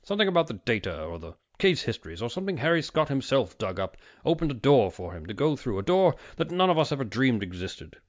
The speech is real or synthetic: real